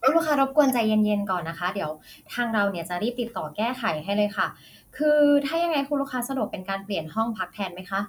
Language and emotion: Thai, neutral